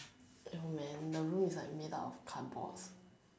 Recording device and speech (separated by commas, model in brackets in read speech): standing microphone, conversation in separate rooms